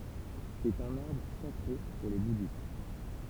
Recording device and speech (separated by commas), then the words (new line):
temple vibration pickup, read sentence
C'est un arbre sacré pour les bouddhistes.